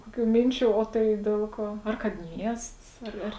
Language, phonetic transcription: Lithuanian, ˈkokių ˈminčių o ˈtai ˈdiel ˌkuo ˈar kad ˈmiests ˈar ˈar

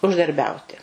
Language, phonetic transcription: Lithuanian, uždarˈbiauti

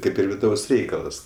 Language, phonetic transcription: Lithuanian, ˈkaip ir viˈdaus ˈreikalas

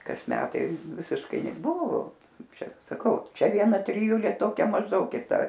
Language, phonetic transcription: Lithuanian, kas ˈmetai visišˈkai neˈbuvo ˈčia saˈkau ˈčia vieˈna triˈjulė ˈtokia mažˈdaug kiˈta

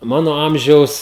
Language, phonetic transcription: Lithuanian, ˈmano ˈamžiaus

